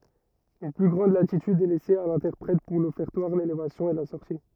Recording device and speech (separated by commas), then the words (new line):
rigid in-ear microphone, read sentence
Une plus grande latitude est laissée à l'interprète pour l'Offertoire, l'Élévation et la sortie.